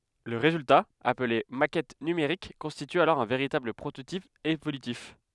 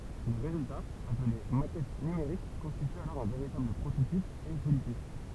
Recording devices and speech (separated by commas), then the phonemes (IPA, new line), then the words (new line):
headset microphone, temple vibration pickup, read sentence
lə ʁezylta aple makɛt nymeʁik kɔ̃stity alɔʁ œ̃ veʁitabl pʁototip evolytif
Le résultat, appelé maquette numérique constitue alors un véritable prototype évolutif.